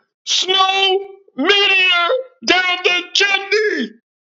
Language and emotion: English, surprised